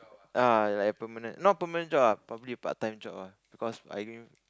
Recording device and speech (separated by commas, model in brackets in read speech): close-talking microphone, conversation in the same room